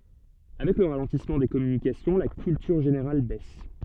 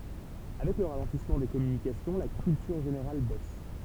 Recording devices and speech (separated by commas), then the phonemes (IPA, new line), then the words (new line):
soft in-ear microphone, temple vibration pickup, read sentence
avɛk lə ʁalɑ̃tismɑ̃ de kɔmynikasjɔ̃ la kyltyʁ ʒeneʁal bɛs
Avec le ralentissement des communications, la culture générale baisse.